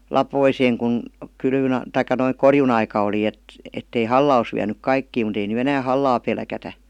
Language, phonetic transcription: Finnish, lapoiseeŋ kun , 'kylvyn , 'taik̆ka noiŋ "korjun‿aika oli et- , ettei "halla os viänyk "kaikkii mut ‿ei ny "enää "hallaa 'pelkätä .
- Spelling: laposeen kun kylvön tai noin korjuunaika oli - että ei halla olisi vienyt kaikkia mutta ei nyt enää hallaa pelätä

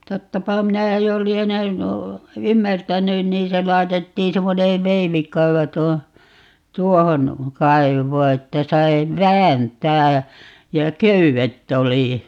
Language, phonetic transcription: Finnish, 'tottapa 'minä jo'lienen , "ymmärtänyn 'niin se 'lai̮tettiin 'semmonee "veivik̀aivo 'tuo(ho) , "tuohon , 'kaivoo että 'sai , "vääntää (ja) , ja "köyvet't ‿oli .
- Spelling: tottapa minä jo lienen ymmärtänyt niin se laitettiin semmoinen veivikaivo tuohon tuohon kaivoon että sai vääntää ja ja köydet oli

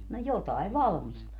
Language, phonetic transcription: Finnish, no "jotai "valmistvat .
- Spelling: no jotakin valmistivat

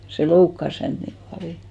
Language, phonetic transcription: Finnish, se "loukkas hänt nim 'paljo .
- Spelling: se loukkasi häntä niin paljon

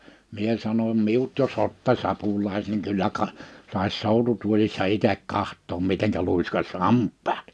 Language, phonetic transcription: Finnish, 'mie sanom» 'miut jo's ‿otta'ś ‿apul̆laise(ks) niŋ 'kyllä ka- , sàis 'sòututuoĺissa 'itek 'kahttoom 'miteŋkä lùiskas "hamppᴀᴀt « .
- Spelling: minä sanoin minut jos ottaisi apulaiseksi niin kyllä - saisi soututuolissa itse katsoa miten luiskaisi hampaat

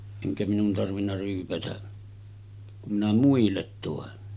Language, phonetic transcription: Finnish, 'eŋkä minun tarvinna ryypätä , kum minä 'muillet 'tòen .
- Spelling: enkä minun tarvinnut ryypätä kun minä muille toin

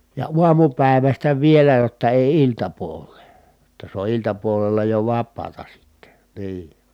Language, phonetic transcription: Finnish, ja uamupä̀i̮västä vielä jotta èi iltapuol̀ee , jotta se o iltapuolella jo vappaata sitte , nii .
- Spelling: ja aamupäivästä vielä jotta ei iltapuoleen jotta se on iltapuolella jo vapaata sitten niin

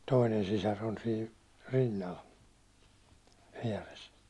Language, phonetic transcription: Finnish, 'toinen sisar on sii , 'rinnal , 'viɛres .
- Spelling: toinen sisar on siinä rinnalla vieressä

